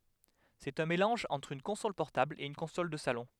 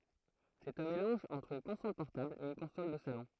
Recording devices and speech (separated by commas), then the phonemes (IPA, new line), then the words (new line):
headset microphone, throat microphone, read sentence
sɛt œ̃ melɑ̃ʒ ɑ̃tʁ yn kɔ̃sɔl pɔʁtabl e yn kɔ̃sɔl də salɔ̃
C'est un mélange entre une console portable et une console de salon.